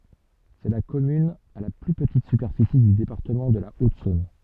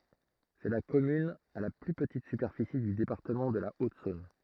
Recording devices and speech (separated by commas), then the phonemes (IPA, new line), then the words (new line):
soft in-ear microphone, throat microphone, read sentence
sɛ la kɔmyn a la ply pətit sypɛʁfisi dy depaʁtəmɑ̃ də la otzɔ̃n
C'est la commune à la plus petite superficie du département de la Haute-Saône.